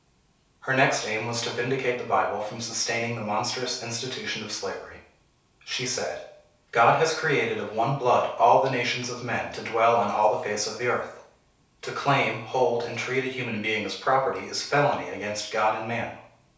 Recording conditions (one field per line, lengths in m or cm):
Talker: one person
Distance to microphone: 3.0 m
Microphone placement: far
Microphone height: 1.8 m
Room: small (3.7 m by 2.7 m)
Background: none